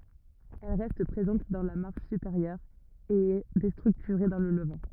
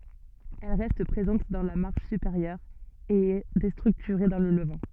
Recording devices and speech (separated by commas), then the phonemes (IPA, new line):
rigid in-ear microphone, soft in-ear microphone, read sentence
ɛl ʁɛst pʁezɑ̃t dɑ̃ la maʁʃ sypeʁjœʁ e ɛ destʁyktyʁe dɑ̃ lə ləvɑ̃